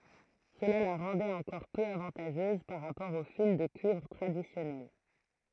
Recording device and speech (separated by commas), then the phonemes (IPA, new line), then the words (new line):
throat microphone, read sentence
səla la ʁɑ̃dɛt ɑ̃kɔʁ pø avɑ̃taʒøz paʁ ʁapɔʁ o fil də kyivʁ tʁadisjɔnɛl
Cela la rendait encore peu avantageuse par rapport au fil de cuivre traditionnel.